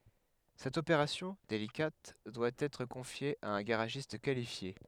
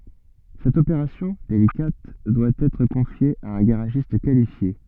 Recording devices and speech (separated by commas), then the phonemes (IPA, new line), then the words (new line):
headset microphone, soft in-ear microphone, read sentence
sɛt opeʁasjɔ̃ delikat dwa ɛtʁ kɔ̃fje a œ̃ ɡaʁaʒist kalifje
Cette opération, délicate, doit être confiée à un garagiste qualifié.